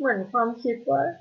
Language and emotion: Thai, sad